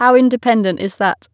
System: none